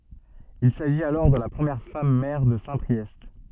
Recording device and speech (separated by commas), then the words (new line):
soft in-ear microphone, read sentence
Il s'agit alors de la première femme maire de Saint-Priest.